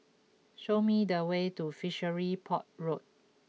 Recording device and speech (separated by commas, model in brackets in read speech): mobile phone (iPhone 6), read sentence